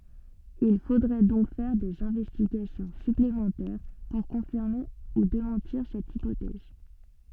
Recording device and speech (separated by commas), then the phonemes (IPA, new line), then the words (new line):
soft in-ear microphone, read sentence
il fodʁɛ dɔ̃k fɛʁ dez ɛ̃vɛstiɡasjɔ̃ syplemɑ̃tɛʁ puʁ kɔ̃fiʁme u demɑ̃tiʁ sɛt ipotɛz
Il faudrait donc faire des investigations supplémentaires pour confirmer ou démentir cette hypothèse.